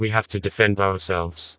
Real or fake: fake